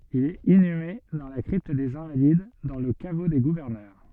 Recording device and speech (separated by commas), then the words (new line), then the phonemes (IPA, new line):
soft in-ear microphone, read sentence
Il est inhumé dans la crypte des Invalides, dans le caveau des gouverneurs.
il ɛt inyme dɑ̃ la kʁipt dez ɛ̃valid dɑ̃ lə kavo de ɡuvɛʁnœʁ